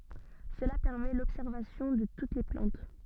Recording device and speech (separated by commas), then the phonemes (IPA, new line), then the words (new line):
soft in-ear microphone, read sentence
səla pɛʁmɛ lɔbsɛʁvasjɔ̃ də tut le plɑ̃t
Cela permet l'observation de toutes les plantes.